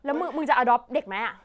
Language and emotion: Thai, angry